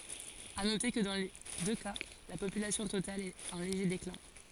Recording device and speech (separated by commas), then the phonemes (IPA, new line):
forehead accelerometer, read sentence
a note kə dɑ̃ le dø ka la popylasjɔ̃ total ɛt ɑ̃ leʒe deklɛ̃